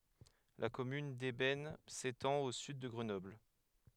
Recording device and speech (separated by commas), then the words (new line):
headset microphone, read sentence
La commune d'Eybens s'étend au sud de Grenoble.